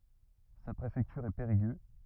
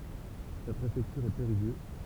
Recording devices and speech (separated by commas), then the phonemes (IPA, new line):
rigid in-ear microphone, temple vibration pickup, read sentence
sa pʁefɛktyʁ ɛ peʁiɡø